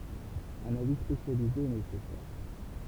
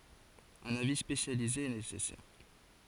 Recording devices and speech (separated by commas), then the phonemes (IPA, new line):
temple vibration pickup, forehead accelerometer, read sentence
œ̃n avi spesjalize ɛ nesɛsɛʁ